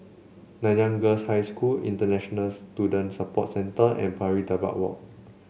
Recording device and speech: mobile phone (Samsung C7), read sentence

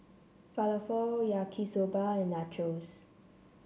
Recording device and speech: mobile phone (Samsung C7), read sentence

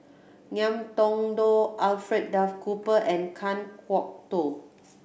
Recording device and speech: boundary microphone (BM630), read sentence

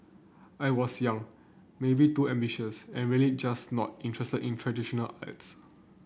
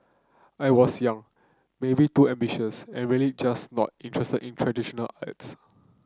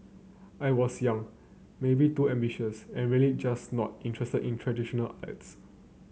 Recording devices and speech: boundary microphone (BM630), close-talking microphone (WH30), mobile phone (Samsung C9), read sentence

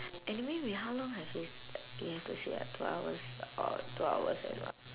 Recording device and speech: telephone, conversation in separate rooms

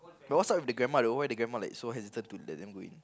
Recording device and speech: close-talking microphone, conversation in the same room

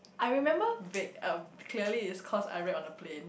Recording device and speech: boundary microphone, conversation in the same room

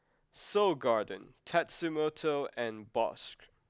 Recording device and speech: close-talking microphone (WH20), read sentence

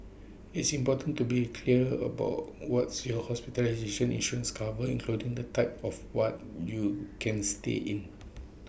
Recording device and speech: boundary microphone (BM630), read sentence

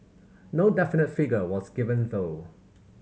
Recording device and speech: mobile phone (Samsung C7100), read sentence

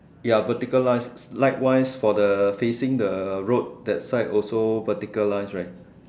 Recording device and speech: standing microphone, conversation in separate rooms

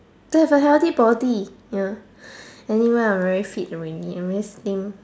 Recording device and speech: standing microphone, conversation in separate rooms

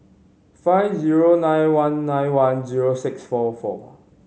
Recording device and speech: mobile phone (Samsung C5010), read sentence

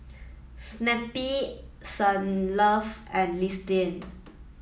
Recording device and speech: mobile phone (iPhone 7), read sentence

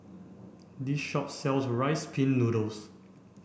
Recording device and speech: boundary microphone (BM630), read sentence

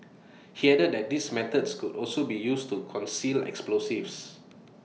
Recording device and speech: mobile phone (iPhone 6), read sentence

